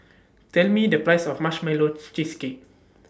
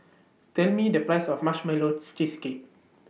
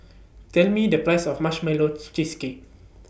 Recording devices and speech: standing microphone (AKG C214), mobile phone (iPhone 6), boundary microphone (BM630), read sentence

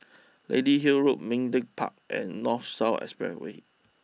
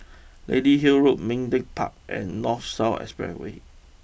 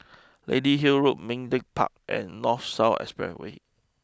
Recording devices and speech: mobile phone (iPhone 6), boundary microphone (BM630), close-talking microphone (WH20), read sentence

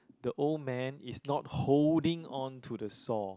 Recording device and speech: close-talking microphone, conversation in the same room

